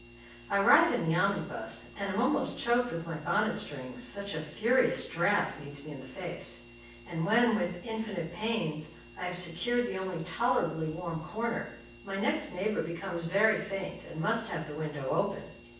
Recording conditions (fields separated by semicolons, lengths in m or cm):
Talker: one person; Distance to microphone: 9.8 m; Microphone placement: far; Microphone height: 1.8 m; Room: large; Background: none